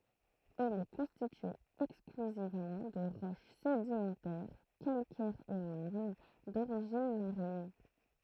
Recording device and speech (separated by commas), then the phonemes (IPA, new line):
throat microphone, read sentence
il ɛ kɔ̃stitye ɛksklyzivmɑ̃ də ʁɔʃ sedimɑ̃tɛʁ kalkɛʁz e maʁn doʁiʒin maʁin